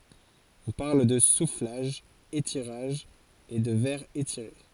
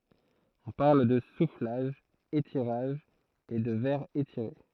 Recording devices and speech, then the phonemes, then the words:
forehead accelerometer, throat microphone, read sentence
ɔ̃ paʁl də suflaʒ etiʁaʒ e də vɛʁ etiʁe
On parle de soufflage - étirage et de verre étiré.

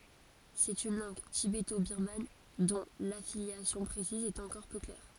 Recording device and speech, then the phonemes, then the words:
forehead accelerometer, read sentence
sɛt yn lɑ̃ɡ tibetobiʁman dɔ̃ lafiljasjɔ̃ pʁesiz ɛt ɑ̃kɔʁ pø klɛʁ
C'est une langue tibéto-birmane dont l'affiliation précise est encore peu claire.

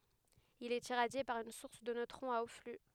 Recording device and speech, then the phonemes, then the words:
headset microphone, read sentence
il ɛt iʁadje paʁ yn suʁs də nøtʁɔ̃z a o fly
Il est irradié par une source de neutrons à haut flux.

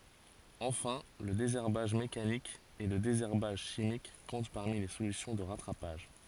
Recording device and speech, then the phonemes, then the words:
forehead accelerometer, read sentence
ɑ̃fɛ̃ lə dezɛʁbaʒ mekanik e lə dezɛʁbaʒ ʃimik kɔ̃t paʁmi le solysjɔ̃ də ʁatʁapaʒ
Enfin, le désherbage mécanique et le désherbage chimique comptent parmi les solutions de rattrapage.

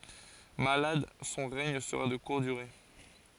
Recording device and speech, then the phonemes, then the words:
forehead accelerometer, read sentence
malad sɔ̃ ʁɛɲ səʁa də kuʁt dyʁe
Malade, son règne sera de courte durée.

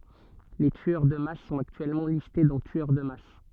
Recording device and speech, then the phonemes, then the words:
soft in-ear microphone, read sentence
le tyœʁ də mas sɔ̃t aktyɛlmɑ̃ liste dɑ̃ tyœʁ də mas
Les tueurs de masse sont actuellement listés dans tueur de masse.

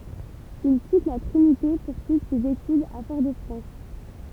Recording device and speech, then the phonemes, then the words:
temple vibration pickup, read sentence
il kit la tʁinite puʁ syivʁ sez etydz a fɔʁ də fʁɑ̃s
Il quitte La Trinité pour suivre ses études à Fort-de-France.

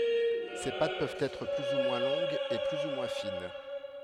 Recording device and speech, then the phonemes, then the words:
headset microphone, read sentence
se pat pøvt ɛtʁ ply u mwɛ̃ lɔ̃ɡz e ply u mwɛ̃ fin
Ces pâtes peuvent être plus ou moins longues et plus ou moins fines.

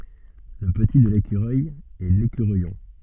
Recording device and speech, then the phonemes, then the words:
soft in-ear microphone, read sentence
lə pəti də lekyʁœj ɛ lekyʁœjɔ̃
Le petit de l'écureuil est l'écureuillon.

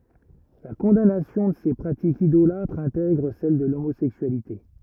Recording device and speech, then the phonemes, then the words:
rigid in-ear microphone, read sentence
la kɔ̃danasjɔ̃ də se pʁatikz idolatʁz ɛ̃tɛɡʁ sɛl də lomozɛksyalite
La condamnation de ces pratiques idolâtres intègre celle de l'homosexualité.

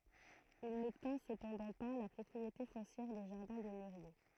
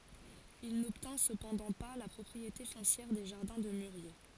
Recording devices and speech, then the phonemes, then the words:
throat microphone, forehead accelerometer, read sentence
il nɔbtɛ̃ səpɑ̃dɑ̃ pa la pʁɔpʁiete fɔ̃sjɛʁ de ʒaʁdɛ̃ də myʁje
Il n’obtint cependant pas la propriété foncière des jardins de mûriers.

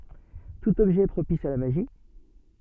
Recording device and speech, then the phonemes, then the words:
soft in-ear microphone, read sentence
tut ɔbʒɛ ɛ pʁopis a la maʒi
Tout objet est propice à la magie.

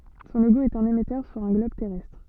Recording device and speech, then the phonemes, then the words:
soft in-ear microphone, read sentence
sɔ̃ loɡo ɛt œ̃n emɛtœʁ syʁ œ̃ ɡlɔb tɛʁɛstʁ
Son logo est un émetteur sur un globe terrestre.

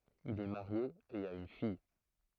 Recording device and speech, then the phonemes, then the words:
throat microphone, read sentence
il ɛ maʁje e a yn fij
Il est marié et a une fille.

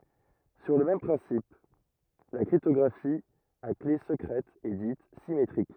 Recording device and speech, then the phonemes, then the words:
rigid in-ear microphone, read sentence
syʁ lə mɛm pʁɛ̃sip la kʁiptɔɡʁafi a kle səkʁɛt ɛ dit simetʁik
Sur le même principe, la cryptographie à clé secrète est dite symétrique.

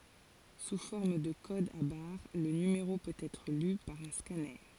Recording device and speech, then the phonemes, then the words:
forehead accelerometer, read sentence
su fɔʁm də kodz a baʁ lə nymeʁo pøt ɛtʁ ly paʁ œ̃ skanœʁ
Sous forme de codes à barres, le numéro peut être lu par un scanner.

